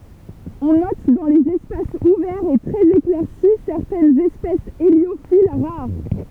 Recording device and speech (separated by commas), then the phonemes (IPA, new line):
temple vibration pickup, read sentence
ɔ̃ nɔt dɑ̃ lez ɛspasz uvɛʁz e tʁɛz eklɛʁsi sɛʁtɛnz ɛspɛsz eljofil ʁaʁ